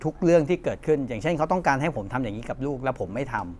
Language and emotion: Thai, frustrated